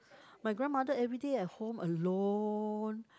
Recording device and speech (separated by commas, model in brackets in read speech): close-talking microphone, conversation in the same room